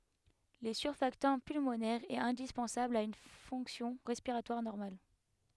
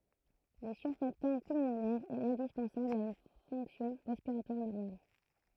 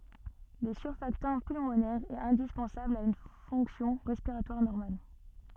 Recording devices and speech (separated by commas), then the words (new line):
headset microphone, throat microphone, soft in-ear microphone, read sentence
Le surfactant pulmonaire est indispensable à une fonction respiratoire normale.